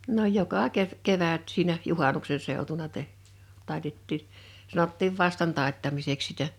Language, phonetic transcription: Finnish, no 'joka 'kev- , 'kevät siinä , "juhanukse 'sèu̬tuna 'teh- , 'tàitettiiɴ , 'sanottiiv 'vastan 'tàittamisek ̳ sitä .
- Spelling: no joka - kevät siinä juhannuksen seutuna - taitettiin sanottiin vastan taittamiseksi sitä

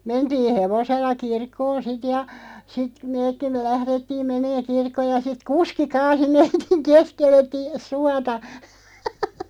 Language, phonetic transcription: Finnish, 'mentii "hevosella "kirkkoon̬ 'sit ja , 'sit , "meekkim (me) 'lährettiim 'meǹeeŋ 'kirkkooj ja sit "kuski 'kaasi 'meitiŋ "keskelleᵗ ti- , 'suata .
- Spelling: mentiin hevosella kirkkoon sitten ja sitten mekin me lähdettiin menemään kirkkoon ja sitten kuski kaatoi meidän keskelle - suota

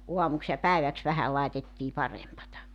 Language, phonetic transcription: Finnish, 'uamuks ja 'päeväks 'vähä laetettii 'parempata .
- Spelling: aamuksi ja päiväksi vähän laitettiin parempaa

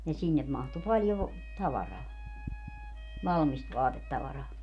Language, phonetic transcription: Finnish, ni 'sinnem mahtu "paljov , 'tavaraa , "valmist 'vaatettavaraa .
- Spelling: niin sinne mahtui paljon tavaraa valmista vaatetavaraa

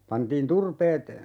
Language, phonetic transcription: Finnish, 'pantiin "turpeet , .
- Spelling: pantiin turpeet

